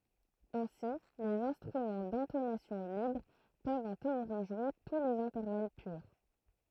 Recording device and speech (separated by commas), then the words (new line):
throat microphone, read sentence
Ainsi les instruments d'intonation libre peuvent en théorie jouer tous les intervalles purs.